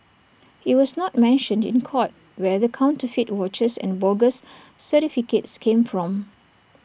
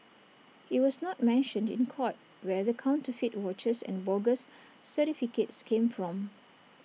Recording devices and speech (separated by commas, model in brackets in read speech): boundary microphone (BM630), mobile phone (iPhone 6), read sentence